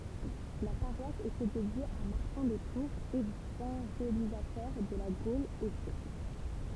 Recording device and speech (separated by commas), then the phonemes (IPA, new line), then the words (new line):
temple vibration pickup, read sentence
la paʁwas etɛ dedje a maʁtɛ̃ də tuʁz evɑ̃ʒelizatœʁ də la ɡol o sjɛkl
La paroisse était dédiée à Martin de Tours, évangélisateur de la Gaule au siècle.